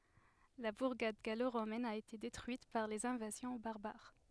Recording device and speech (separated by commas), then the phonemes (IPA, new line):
headset microphone, read sentence
la buʁɡad ɡaloʁomɛn a ete detʁyit paʁ lez ɛ̃vazjɔ̃ baʁbaʁ